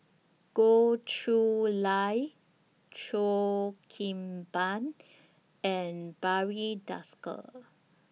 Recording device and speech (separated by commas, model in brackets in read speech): mobile phone (iPhone 6), read sentence